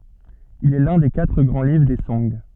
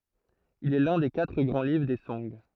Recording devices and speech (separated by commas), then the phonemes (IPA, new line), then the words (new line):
soft in-ear microphone, throat microphone, read sentence
il ɛ lœ̃ de katʁ ɡʁɑ̃ livʁ de sɔ̃ɡ
Il est l'un des quatre grands livres des Song.